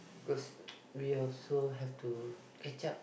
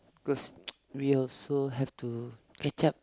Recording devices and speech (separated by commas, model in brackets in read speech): boundary microphone, close-talking microphone, conversation in the same room